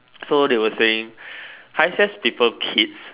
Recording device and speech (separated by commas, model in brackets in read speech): telephone, conversation in separate rooms